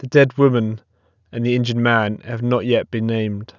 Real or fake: real